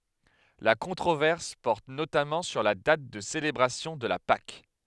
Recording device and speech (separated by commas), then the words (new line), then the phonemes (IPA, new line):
headset microphone, read sentence
La controverse porte notamment sur la date de célébration de la Pâques.
la kɔ̃tʁovɛʁs pɔʁt notamɑ̃ syʁ la dat də selebʁasjɔ̃ də la pak